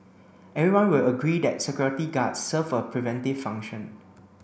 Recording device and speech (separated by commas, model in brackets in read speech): boundary microphone (BM630), read sentence